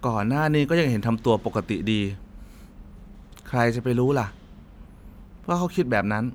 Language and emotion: Thai, sad